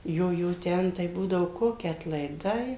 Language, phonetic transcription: Lithuanian, ˈjo ˈjo ˈten tai ˈbūdavo ˈkoki atlaiˈdai

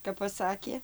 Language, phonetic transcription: Lithuanian, kap paˈsakė

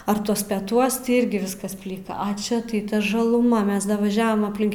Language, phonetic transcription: Lithuanian, ar ˈtuos peˈtuos ti ˈirgi ˈviskas ˈplika a ˈčia tai ˈta žaˈluma ˈmes davaˈžiavam apˈlink

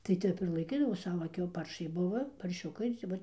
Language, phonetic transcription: Lithuanian, tai ˈtep ir laiˈkydavo ˈsavo ˈkiau ˈparšai ˈbuva parˈšiukai ti ˈvat

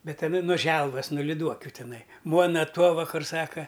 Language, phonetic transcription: Lithuanian, ˈbet aˈna no ˈželvas no liˈduokiu ˈtinai ˈmuona ˈtuova ˈkur ˈsaka

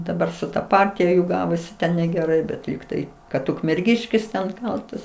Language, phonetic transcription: Lithuanian, daˈbar su ta ˈpartija jų ˈgavosi ten negeˈrai bet ˈlygtai kad ukmerˈgiškis ten ˈkaltas

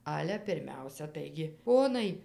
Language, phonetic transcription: Lithuanian, ˈale pirˈmiausia ˈtaigi ˈponai

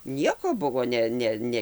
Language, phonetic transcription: Lithuanian, ˈnieko ˈbuvo ˈne ˈne ˈne

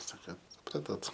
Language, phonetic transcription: Lithuanian, ˈsaka suˈpratot

